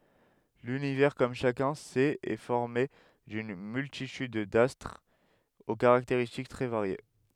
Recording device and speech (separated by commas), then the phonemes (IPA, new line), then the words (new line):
headset microphone, read sentence
lynivɛʁ kɔm ʃakœ̃ sɛt ɛ fɔʁme dyn myltityd dastʁz o kaʁakteʁistik tʁɛ vaʁje
L'Univers, comme chacun sait, est formé d'une multitude d'astres aux caractéristiques très variées.